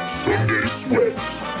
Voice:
deep voice